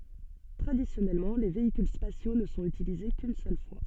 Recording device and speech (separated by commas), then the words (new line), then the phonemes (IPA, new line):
soft in-ear microphone, read sentence
Traditionnellement les véhicules spatiaux ne sont utilisés qu'une seule fois.
tʁadisjɔnɛlmɑ̃ le veikyl spasjo nə sɔ̃t ytilize kyn sœl fwa